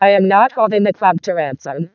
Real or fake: fake